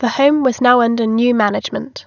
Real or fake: real